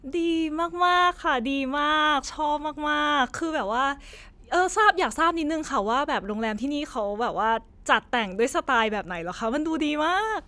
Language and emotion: Thai, happy